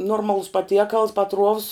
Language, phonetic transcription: Lithuanian, ˈnormalus paˈtiekals paˈtruovs

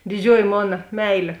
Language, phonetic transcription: Lithuanian, diˈdžiuoji ˈmona ˈmeilė

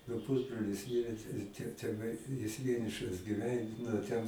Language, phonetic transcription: Lithuanian, nu ˈpusbrolis ˈmirė tai jis te teˈnai jis ˈvienišas giˈven nu ˈten

